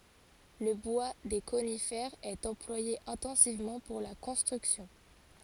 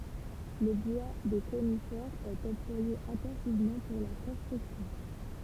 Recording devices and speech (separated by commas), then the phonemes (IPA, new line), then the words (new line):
forehead accelerometer, temple vibration pickup, read sentence
lə bwa de konifɛʁz ɛt ɑ̃plwaje ɛ̃tɑ̃sivmɑ̃ puʁ la kɔ̃stʁyksjɔ̃
Le bois des conifères est employé intensivement pour la construction.